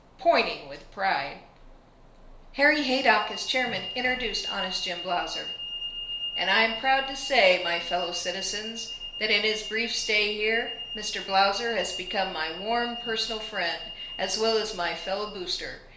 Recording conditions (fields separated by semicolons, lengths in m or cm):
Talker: one person; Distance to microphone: 1.0 m; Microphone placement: close; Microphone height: 1.1 m; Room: small (3.7 m by 2.7 m); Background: none